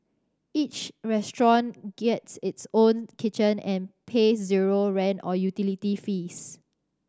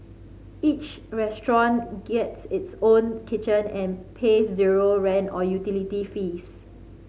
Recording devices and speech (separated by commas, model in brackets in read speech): standing microphone (AKG C214), mobile phone (Samsung C5010), read sentence